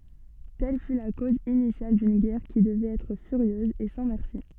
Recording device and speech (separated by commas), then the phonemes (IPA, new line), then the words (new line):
soft in-ear microphone, read sentence
tɛl fy la koz inisjal dyn ɡɛʁ ki dəvɛt ɛtʁ fyʁjøz e sɑ̃ mɛʁsi
Telle fut la cause initiale d'une guerre qui devait être furieuse et sans merci.